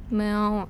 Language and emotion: Thai, frustrated